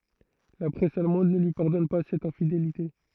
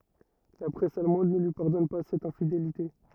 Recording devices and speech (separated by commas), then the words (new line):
throat microphone, rigid in-ear microphone, read sentence
La presse allemande ne lui pardonne pas cette infidélité.